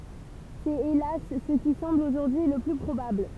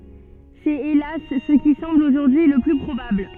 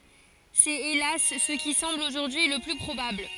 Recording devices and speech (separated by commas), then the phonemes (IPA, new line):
temple vibration pickup, soft in-ear microphone, forehead accelerometer, read sentence
sɛt elas sə ki sɑ̃bl oʒuʁdyi lə ply pʁobabl